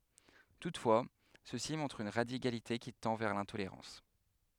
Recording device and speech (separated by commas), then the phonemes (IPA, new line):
headset microphone, read sentence
tutfwa sø si mɔ̃tʁt yn ʁadikalite ki tɑ̃ vɛʁ lɛ̃toleʁɑ̃s